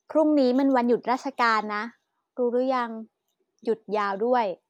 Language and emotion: Thai, neutral